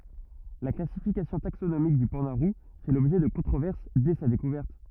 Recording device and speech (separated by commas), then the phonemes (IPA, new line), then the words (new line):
rigid in-ear microphone, read sentence
la klasifikasjɔ̃ taksonomik dy pɑ̃da ʁu fɛ lɔbʒɛ də kɔ̃tʁovɛʁs dɛ sa dekuvɛʁt
La classification taxonomique du panda roux fait l'objet de controverses dès sa découverte.